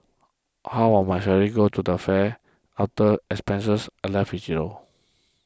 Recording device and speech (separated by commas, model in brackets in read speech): close-talking microphone (WH20), read sentence